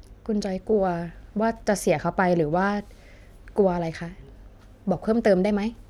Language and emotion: Thai, neutral